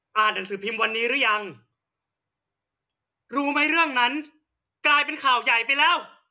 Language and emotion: Thai, angry